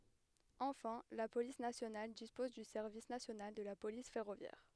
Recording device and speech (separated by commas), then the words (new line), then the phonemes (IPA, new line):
headset microphone, read sentence
Enfin, la police nationale dispose du Service national de la police ferroviaire.
ɑ̃fɛ̃ la polis nasjonal dispɔz dy sɛʁvis nasjonal də la polis fɛʁovjɛʁ